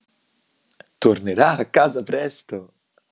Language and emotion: Italian, happy